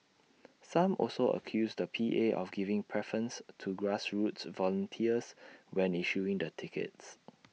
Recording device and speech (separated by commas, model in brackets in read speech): mobile phone (iPhone 6), read sentence